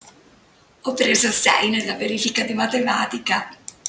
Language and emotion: Italian, happy